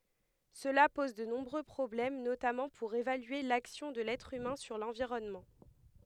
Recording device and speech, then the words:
headset microphone, read sentence
Cela pose de nombreux problèmes, notamment pour évaluer l'action de l'être humain sur l'environnement.

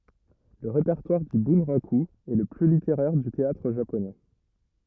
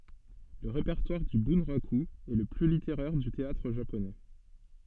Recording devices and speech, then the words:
rigid in-ear microphone, soft in-ear microphone, read sentence
Le répertoire du bunraku est le plus littéraire du théâtre japonais.

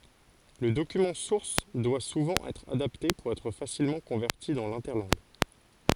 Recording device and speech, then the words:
forehead accelerometer, read sentence
Le document source doit souvent être adapté pour être facilement converti dans l'interlangue.

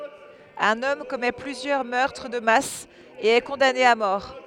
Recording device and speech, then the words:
headset microphone, read sentence
Un homme commet plusieurs meurtres de masse et est condamné à mort.

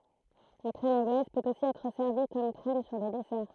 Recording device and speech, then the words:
throat microphone, read sentence
La crème anglaise peut aussi être servie comme crème sur des desserts.

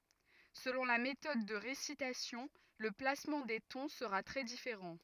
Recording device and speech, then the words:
rigid in-ear microphone, read sentence
Selon la méthode de récitation, le placement des tons sera très différent.

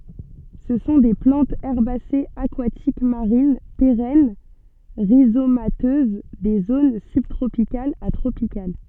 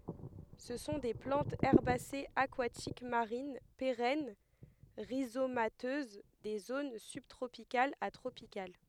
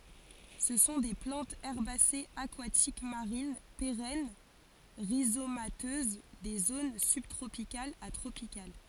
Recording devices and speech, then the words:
soft in-ear microphone, headset microphone, forehead accelerometer, read sentence
Ce sont des plantes herbacées aquatiques marines, pérennes, rhizomateuses des zones sub-tropicales à tropicales.

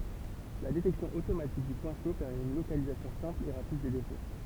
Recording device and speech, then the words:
temple vibration pickup, read sentence
La détection automatique du point chaud permet une localisation simple et rapide des défauts.

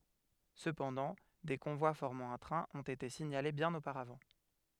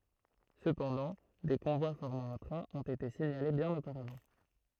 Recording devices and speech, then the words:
headset microphone, throat microphone, read sentence
Cependant, des convois formant un train ont été signalés bien auparavant.

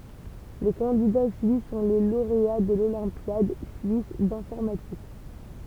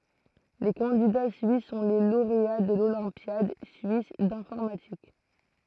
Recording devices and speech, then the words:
temple vibration pickup, throat microphone, read sentence
Les candidats suisses sont les lauréats de l'Olympiade suisse d'informatique.

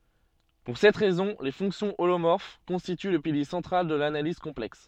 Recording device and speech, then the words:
soft in-ear microphone, read sentence
Pour cette raison, les fonctions holomorphes constituent le pilier central de l'analyse complexe.

